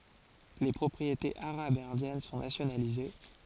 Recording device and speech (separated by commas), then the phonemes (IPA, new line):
forehead accelerometer, read sentence
le pʁɔpʁietez aʁabz e ɛ̃djɛn sɔ̃ nasjonalize